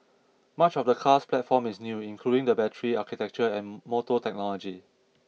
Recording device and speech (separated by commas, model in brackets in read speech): mobile phone (iPhone 6), read sentence